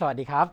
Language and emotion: Thai, happy